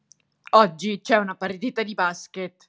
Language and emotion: Italian, angry